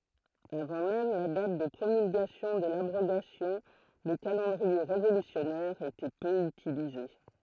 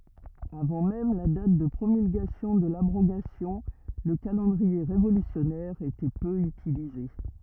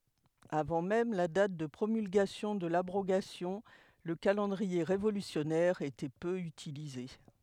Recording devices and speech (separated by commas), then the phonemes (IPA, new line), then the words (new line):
throat microphone, rigid in-ear microphone, headset microphone, read sentence
avɑ̃ mɛm la dat də pʁomylɡasjɔ̃ də labʁoɡasjɔ̃ lə kalɑ̃dʁie ʁevolysjɔnɛʁ etɛ pø ytilize
Avant même la date de promulgation de l’abrogation, le calendrier révolutionnaire était peu utilisé.